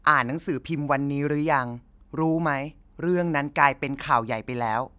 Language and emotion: Thai, neutral